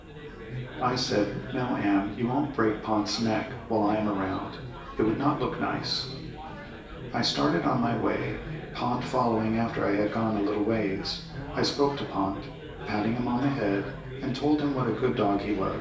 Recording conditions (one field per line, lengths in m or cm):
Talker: one person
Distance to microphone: 1.8 m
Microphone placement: close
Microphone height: 1.0 m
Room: large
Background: babble